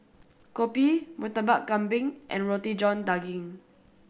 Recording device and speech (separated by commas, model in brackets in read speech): boundary microphone (BM630), read sentence